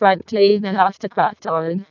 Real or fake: fake